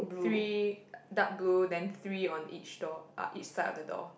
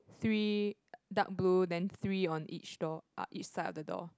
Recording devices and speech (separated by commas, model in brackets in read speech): boundary microphone, close-talking microphone, conversation in the same room